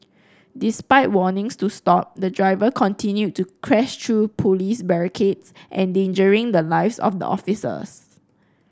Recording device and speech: close-talking microphone (WH30), read sentence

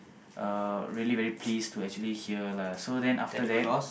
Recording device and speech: boundary microphone, conversation in the same room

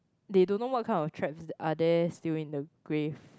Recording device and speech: close-talking microphone, conversation in the same room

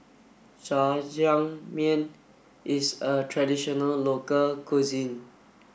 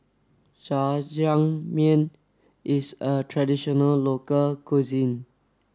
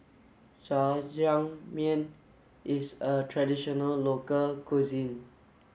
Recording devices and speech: boundary microphone (BM630), standing microphone (AKG C214), mobile phone (Samsung S8), read sentence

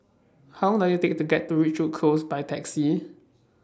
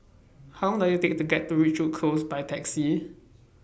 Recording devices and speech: standing microphone (AKG C214), boundary microphone (BM630), read sentence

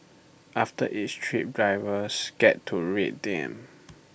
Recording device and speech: boundary microphone (BM630), read sentence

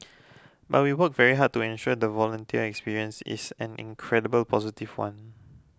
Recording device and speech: close-talking microphone (WH20), read sentence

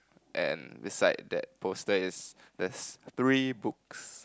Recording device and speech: close-talking microphone, conversation in the same room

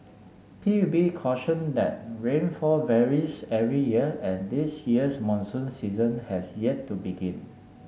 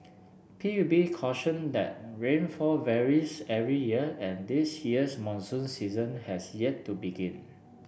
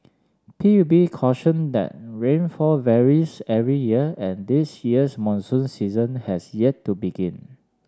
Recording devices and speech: mobile phone (Samsung S8), boundary microphone (BM630), standing microphone (AKG C214), read sentence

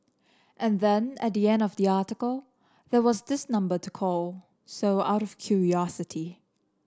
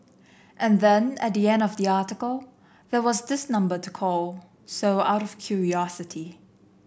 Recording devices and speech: standing microphone (AKG C214), boundary microphone (BM630), read sentence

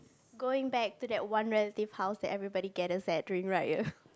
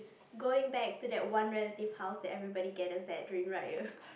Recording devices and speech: close-talking microphone, boundary microphone, conversation in the same room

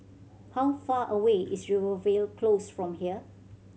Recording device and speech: mobile phone (Samsung C7100), read sentence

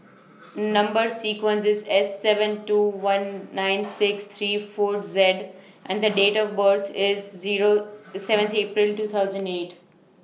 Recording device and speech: mobile phone (iPhone 6), read sentence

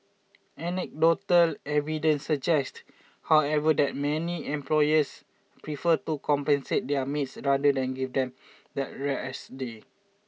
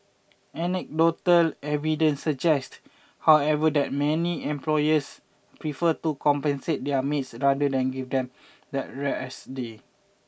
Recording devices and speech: mobile phone (iPhone 6), boundary microphone (BM630), read sentence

